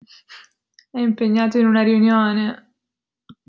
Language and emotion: Italian, sad